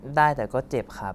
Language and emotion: Thai, neutral